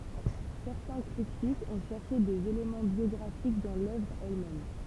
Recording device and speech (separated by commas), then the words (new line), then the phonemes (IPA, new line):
temple vibration pickup, read sentence
Certains critiques ont cherché des éléments biographiques dans l’œuvre elle-même.
sɛʁtɛ̃ kʁitikz ɔ̃ ʃɛʁʃe dez elemɑ̃ bjɔɡʁafik dɑ̃ lœvʁ ɛl mɛm